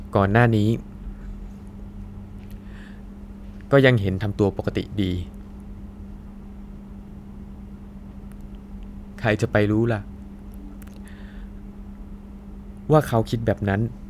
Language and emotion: Thai, sad